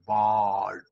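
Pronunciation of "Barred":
The vowel in 'barred' is extra long.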